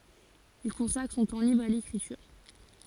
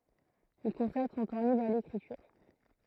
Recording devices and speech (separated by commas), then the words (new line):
forehead accelerometer, throat microphone, read sentence
Il consacre son temps libre à l’écriture.